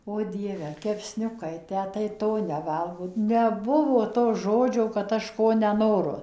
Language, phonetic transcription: Lithuanian, o ˈdieve kepˈsniukai ˈtę tai ˈto neˈvalgo neˈbuvo to žoˈdžio kad ˈaš ˈko neˈnoru

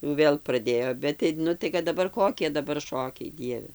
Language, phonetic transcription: Lithuanian, ju ˈvėl praˈdėjo ˈbet tai ˈnu tai kad daˈbar ˈkokie daˈbar ˈšokiai ˈdieve

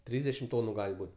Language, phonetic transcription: Lithuanian, ˈtrysdešim ˈtonu ˈgal' ˈbūt'

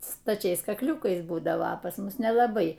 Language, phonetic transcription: Lithuanian, staˈčiais kakˈliūkais ˈbūdavo a pas ˈmus nelaˈbai

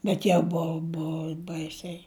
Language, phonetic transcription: Lithuanian, ˈbet jau ˈbuu ˈbuu ˈbaisiai

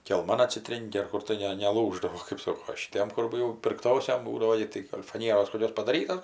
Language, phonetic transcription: Lithuanian, kelˈman atsiˈtrėnki ar ˈkur tai ˈne neˈlūždavo kɜp ˈsoko o šiˈtiem kur ˈjau pirkˈtosiom ˈbūdavo i tai gal' faˈnieros koˈkios padaˈryta

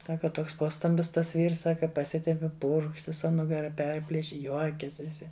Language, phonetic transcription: Lithuanian, ˈsaka ˈtoks ˈpostambis tas ˈvyrs ˈsaka paˈsitempi ˈpurkšt viˈsa nugaˈra ˈperpliši ˈjuokias' viˈsi

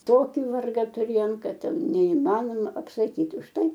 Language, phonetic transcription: Lithuanian, ˈtoki ˈvarga tuˈrėjom ˈkad ˈten neiˈmanoma apsaˈkyt' už ˈtai

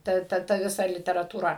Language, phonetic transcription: Lithuanian, ˈta ˈta ta ˈvisa literatūˈra

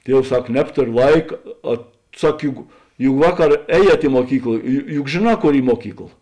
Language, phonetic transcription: Lithuanian, ˈtievs ˈsak ˈnebtorio ˈlaika a ˈsak ˈjuk juk ˈvaˌkar ˈēˌjiet i muoˈkykla ju juk žėˈnā ˈkor ˈy ˈmuokykla

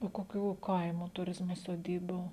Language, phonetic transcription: Lithuanian, o koˈkių ˈkaimo tuˈrizmo soˈdybų

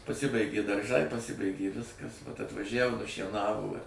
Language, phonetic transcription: Lithuanian, paˈsibaigė darˈžai paˈsibaigė ˈviskas atvaˈžævo nušieˈnavo i

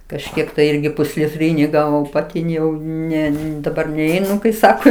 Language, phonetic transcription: Lithuanian, kažˈkiek tai ˈirgi pusliˈtryni ˈgavom paˈti jau ˈne daˈbar neˈeinu kai ˈsako

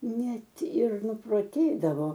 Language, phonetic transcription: Lithuanian, ˈnet ir nuproˈtėdavo

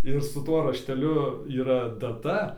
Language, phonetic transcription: Lithuanian, ir su ˈtuo rašteˈliu yˈra daˈta

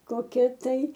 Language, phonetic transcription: Lithuanian, koˈkia tai

